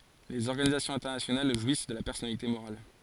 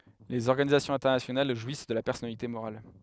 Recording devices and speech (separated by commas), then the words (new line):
forehead accelerometer, headset microphone, read sentence
Les organisations internationales jouissent de la personnalité morale.